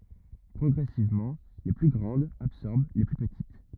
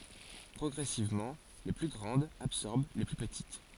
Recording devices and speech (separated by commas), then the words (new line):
rigid in-ear microphone, forehead accelerometer, read sentence
Progressivement, les plus grandes absorbèrent les plus petites.